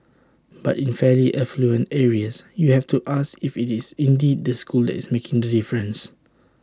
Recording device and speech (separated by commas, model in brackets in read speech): standing microphone (AKG C214), read sentence